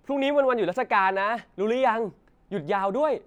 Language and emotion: Thai, happy